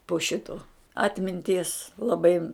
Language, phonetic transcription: Lithuanian, po ˈšito ˈatminties laˈbai

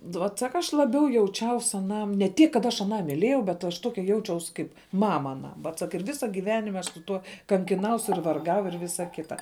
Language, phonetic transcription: Lithuanian, ˈvot ˈsaka ˈaš laˈbiau jauˈčiaus aˈnam ne ˈtiek kad ˈaš aˈną miˈlėjau bet aš ˈtokia ˈjaučiaus ˈkaip ˈmama aˈnam ˈvat ˈsak ir ˈvisa giˈvenim' ˈaš su ˈtuo kankiˈnaus ir varˈgau ir ˈvisa ˈkita

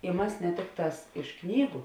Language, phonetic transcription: Lithuanian, i ˈmasi ne ˈtikˌtās iš ˈknygu

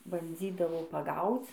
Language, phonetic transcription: Lithuanian, banˈdzydavo paˈgauc

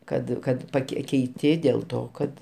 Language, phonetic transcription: Lithuanian, ˈkad ˈkad paˈkei keiˈti dėl ˈto kad

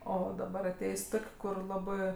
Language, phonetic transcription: Lithuanian, ˈo daˈbar aˈtėjs' ˈtok' ˈkur ˈlabɜ

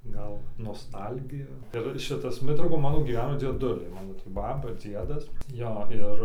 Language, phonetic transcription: Lithuanian, ˈgal noˈstalgiju ir ˈšitas ˈmitraukon gyˈveno ˈmano dzieˈduliai ˈmano tį ˈbaba ˈdziedas ˈjo ˈir ˈir

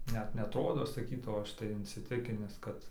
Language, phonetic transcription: Lithuanian, ˈnet neatˈrodo saˈkytau ˈaš tai insiˈtikinis ˈkad

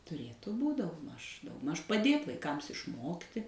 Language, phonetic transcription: Lithuanian, tuˈrėtu ˈbūt' daugˈmaž daugˈmaž paˈdėt vaiˈkams išˈmokti

